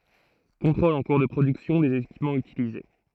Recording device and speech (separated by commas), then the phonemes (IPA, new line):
throat microphone, read sentence
kɔ̃tʁolz ɑ̃ kuʁ də pʁodyksjɔ̃ dez ekipmɑ̃z ytilize